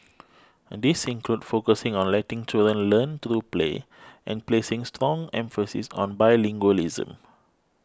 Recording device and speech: close-talking microphone (WH20), read sentence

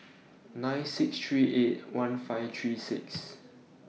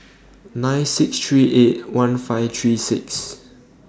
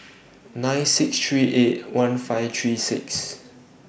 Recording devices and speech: mobile phone (iPhone 6), standing microphone (AKG C214), boundary microphone (BM630), read sentence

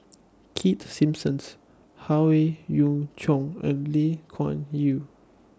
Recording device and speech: standing microphone (AKG C214), read sentence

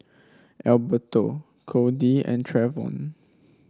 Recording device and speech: standing microphone (AKG C214), read sentence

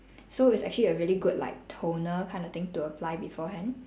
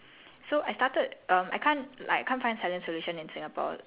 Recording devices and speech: standing microphone, telephone, conversation in separate rooms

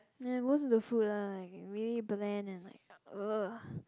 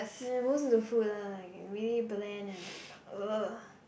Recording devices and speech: close-talking microphone, boundary microphone, conversation in the same room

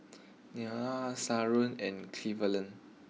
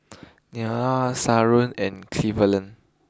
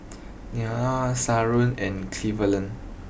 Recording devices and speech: mobile phone (iPhone 6), close-talking microphone (WH20), boundary microphone (BM630), read sentence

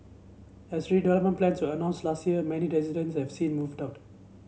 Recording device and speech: mobile phone (Samsung C7), read sentence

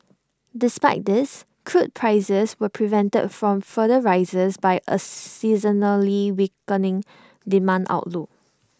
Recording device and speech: standing microphone (AKG C214), read sentence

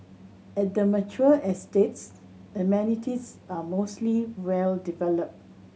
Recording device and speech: mobile phone (Samsung C7100), read sentence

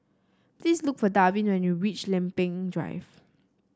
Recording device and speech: standing microphone (AKG C214), read sentence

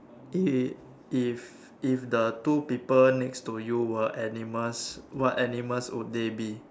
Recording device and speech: standing microphone, conversation in separate rooms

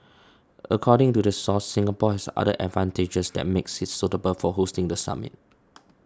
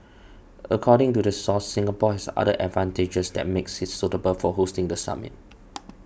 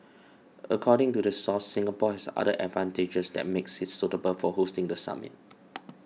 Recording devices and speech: standing microphone (AKG C214), boundary microphone (BM630), mobile phone (iPhone 6), read sentence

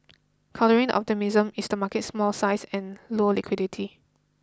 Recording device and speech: close-talking microphone (WH20), read sentence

